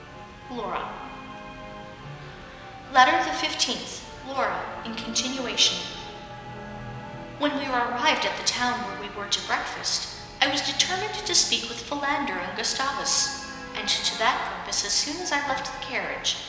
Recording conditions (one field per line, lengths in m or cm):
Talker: one person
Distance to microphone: 1.7 m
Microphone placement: close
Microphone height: 1.0 m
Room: very reverberant, large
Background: television